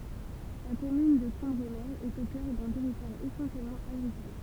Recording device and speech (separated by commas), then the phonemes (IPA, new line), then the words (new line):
temple vibration pickup, read sentence
la kɔmyn də kɑ̃bʁəme ɛt o kœʁ dœ̃ tɛʁitwaʁ esɑ̃sjɛlmɑ̃ aɡʁikɔl
La commune de Cambremer est au cœur d'un territoire essentiellement agricole.